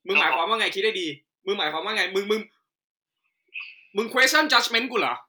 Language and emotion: Thai, angry